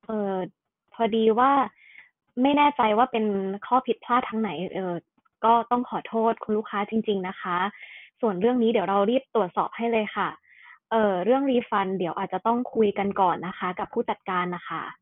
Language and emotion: Thai, neutral